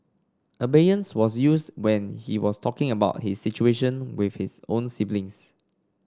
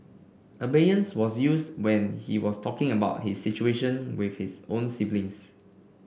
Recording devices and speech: standing microphone (AKG C214), boundary microphone (BM630), read sentence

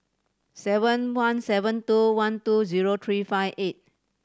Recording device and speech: standing microphone (AKG C214), read sentence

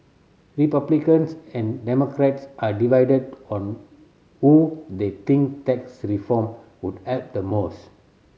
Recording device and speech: mobile phone (Samsung C7100), read sentence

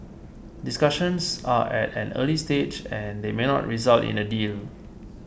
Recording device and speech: boundary microphone (BM630), read sentence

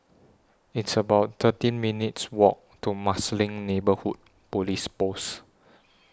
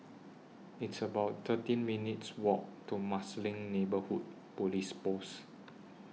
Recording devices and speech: standing microphone (AKG C214), mobile phone (iPhone 6), read sentence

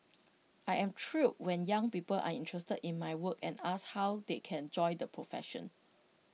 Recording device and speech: mobile phone (iPhone 6), read sentence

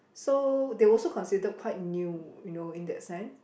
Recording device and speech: boundary microphone, conversation in the same room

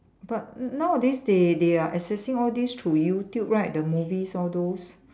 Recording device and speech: standing microphone, conversation in separate rooms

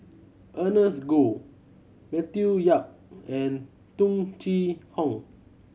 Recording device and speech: mobile phone (Samsung C7100), read sentence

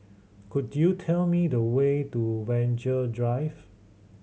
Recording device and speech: mobile phone (Samsung C7100), read sentence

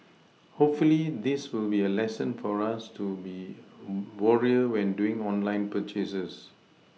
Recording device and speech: mobile phone (iPhone 6), read sentence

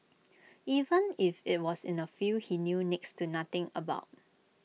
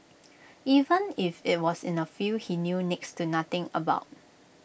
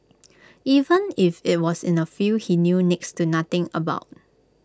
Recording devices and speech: mobile phone (iPhone 6), boundary microphone (BM630), close-talking microphone (WH20), read sentence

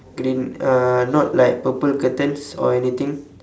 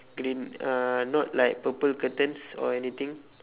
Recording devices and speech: standing microphone, telephone, conversation in separate rooms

